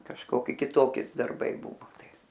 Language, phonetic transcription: Lithuanian, kažˈkoki kiˈtoki darˈbai ˈbuvo ˈtai

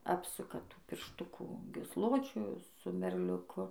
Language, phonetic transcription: Lithuanian, ˈapsuka ˈtų piršˈtukų gysˈločiu su merliuˈku

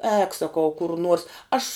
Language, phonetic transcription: Lithuanian, ēk saˈkau kur nuors ˈaš

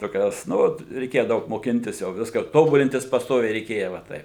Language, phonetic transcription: Lithuanian, toˈkios ˈnu vat reiˈkėja ˈdaug moˈkintis jau ˈviska ˈtobulintis pasˈtoviai reiˈkėja va ˈtaip

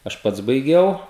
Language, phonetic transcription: Lithuanian, aš ˈpats baiˈgiau

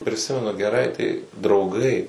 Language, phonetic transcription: Lithuanian, priˈsimenu geˈrai tai drauˈgai

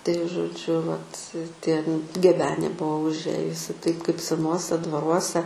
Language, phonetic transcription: Lithuanian, tai žoˈdžiu vat tie n geˈbenė ˈbuvo užˈėjusi taip kaip seˈnuose dvaˈruose

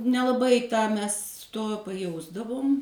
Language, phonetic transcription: Lithuanian, nelaˈbai ˈtą ˈmes ˈto paˈjausdavum

